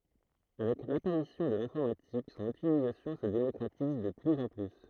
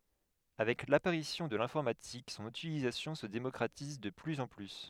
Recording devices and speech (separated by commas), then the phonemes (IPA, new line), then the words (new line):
throat microphone, headset microphone, read sentence
avɛk lapaʁisjɔ̃ də lɛ̃fɔʁmatik sɔ̃n ytilizasjɔ̃ sə demɔkʁatiz də plyz ɑ̃ ply
Avec l'apparition de l'informatique, son utilisation se démocratise de plus en plus.